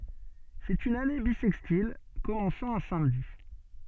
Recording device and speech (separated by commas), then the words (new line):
soft in-ear microphone, read sentence
C'est une année bissextile commençant un samedi.